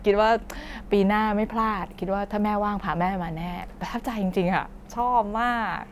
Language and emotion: Thai, happy